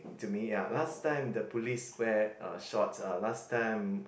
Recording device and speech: boundary microphone, conversation in the same room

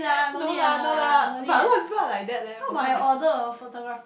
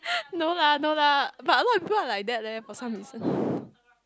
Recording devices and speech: boundary microphone, close-talking microphone, conversation in the same room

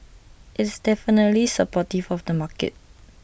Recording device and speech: boundary microphone (BM630), read sentence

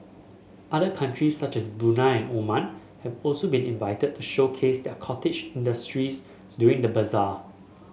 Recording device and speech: mobile phone (Samsung S8), read sentence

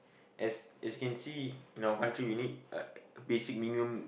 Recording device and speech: boundary microphone, conversation in the same room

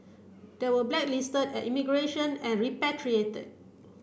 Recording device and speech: boundary microphone (BM630), read sentence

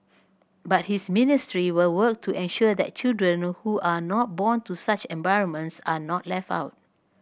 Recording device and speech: boundary microphone (BM630), read sentence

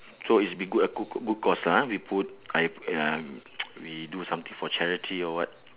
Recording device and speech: telephone, conversation in separate rooms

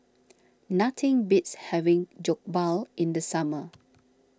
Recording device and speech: standing microphone (AKG C214), read sentence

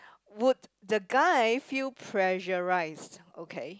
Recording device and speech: close-talking microphone, conversation in the same room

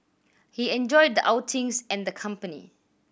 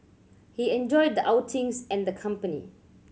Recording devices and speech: boundary microphone (BM630), mobile phone (Samsung C7100), read sentence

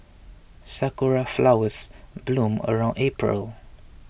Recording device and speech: boundary microphone (BM630), read sentence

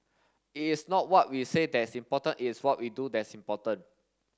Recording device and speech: standing microphone (AKG C214), read sentence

